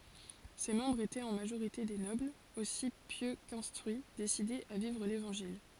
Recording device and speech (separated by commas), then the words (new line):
forehead accelerometer, read sentence
Ses membres étaient en majorité des nobles, aussi pieux qu'instruits, décidés à vivre l'Évangile.